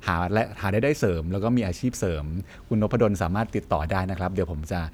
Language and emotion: Thai, neutral